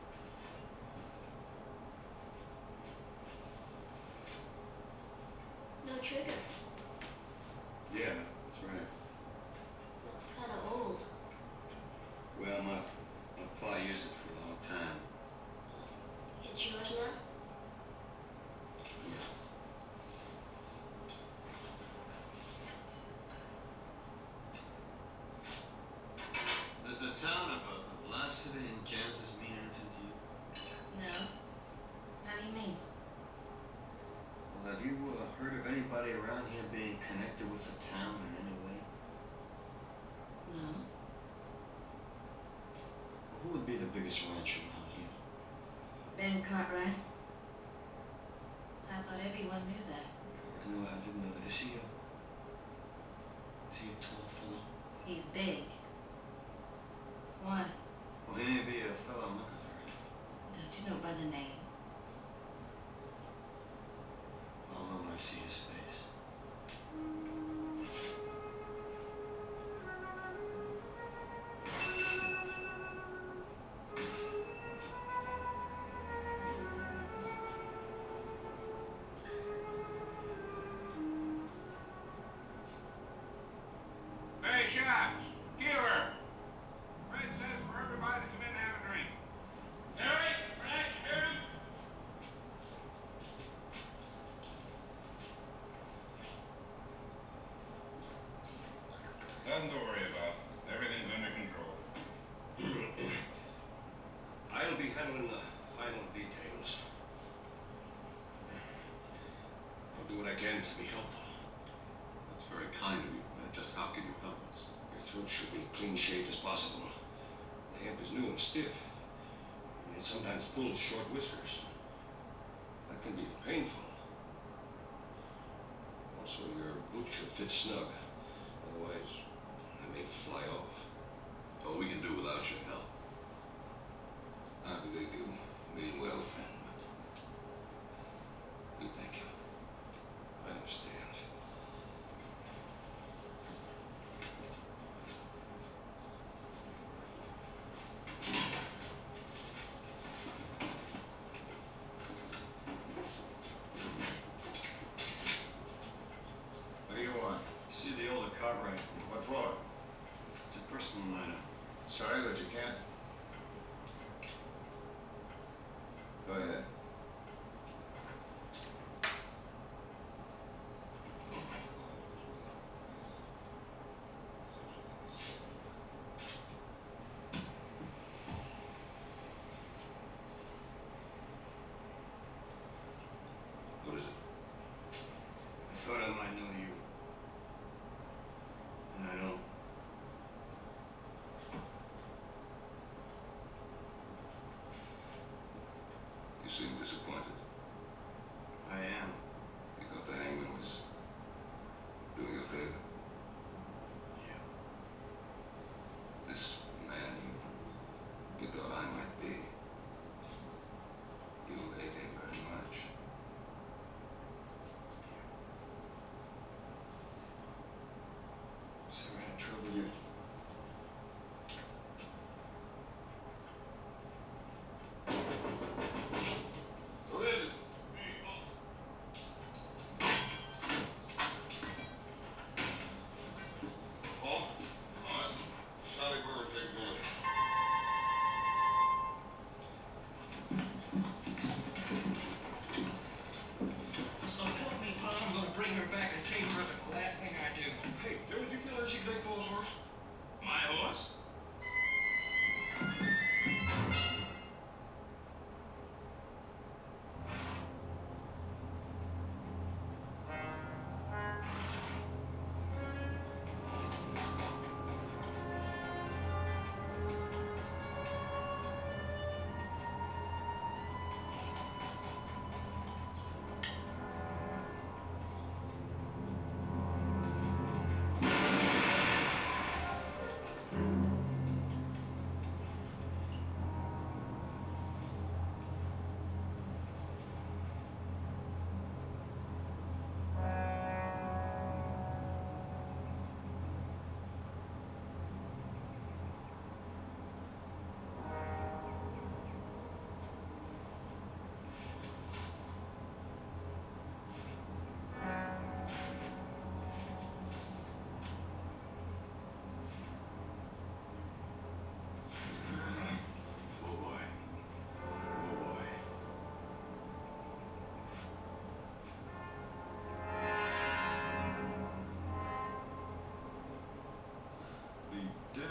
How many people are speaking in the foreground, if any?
No one.